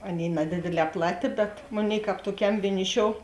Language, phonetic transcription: Lithuanian, ˈaˌnėi naˈdėdėˌlē ˈplaˌtė bet ˈmoˌnėi ˈkāp tuoˈkiam vieˈniˌšiou

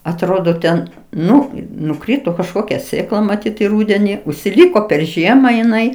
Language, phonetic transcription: Lithuanian, atˈrodo ten ˈnu nuˈkrito kažˈkokia ˈsėkla maˈtyt i ˈrūdeni užsiˈlyko per ˈžiema jiˈnai

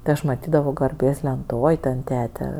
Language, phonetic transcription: Lithuanian, ti ˈaš ˈmatydavo garˈbės lenˈtoj ˈten ˈtete

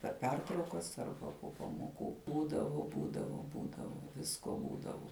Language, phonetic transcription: Lithuanian, per ˈpertraukas ˈarba po pamoˈkų ˈbūdavu ˈbūdavu ˈbūdavu ˈvisko ˈbūdavu

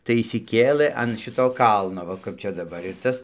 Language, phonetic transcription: Lithuanian, tai išsiˈkėlė an ˈšito ˈkalno ˈva kap ˈčia daˈbar ir ˈtas

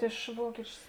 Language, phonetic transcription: Lithuanian, iš ˈvuokičius

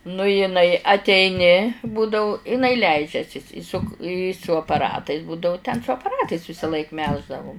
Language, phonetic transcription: Lithuanian, nu jiˈnai ateiˈni ˈbūdau iˈnai ˈleidžiasis i suk i su apaˈratais ˈbūdau ten su apaˈratais visaˈlaik ˈmelždavum

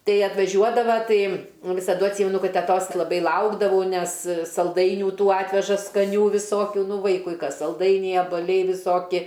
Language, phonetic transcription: Lithuanian, ˈtai atvaˈžiuodava ˈtai visaˈdu atˈsymenu ˈkad teˈtos laˈbai ˈlaukdavau ˈnes salˈdainių ˈtų ˈatveža skaˈnių viˈsokiu ˈnu ˈvaikui ˈkas salˈdainiai abaˈliai viˈsoki

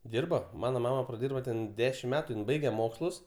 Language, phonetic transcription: Lithuanian, ˈdyrba ˈmana ˈmama praˈdyrbo ten ˈdešimt ˈmetu ˈjin ˈbaige ˈmokslus

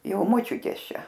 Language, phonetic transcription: Lithuanian, ˈjau moˈčiutės ˈčia

